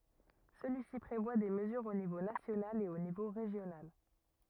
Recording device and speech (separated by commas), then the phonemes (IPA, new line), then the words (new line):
rigid in-ear microphone, read sentence
səlyisi pʁevwa de məzyʁz o nivo nasjonal e o nivo ʁeʒjonal
Celui-ci prévoit des mesures au niveau national et au niveau régional.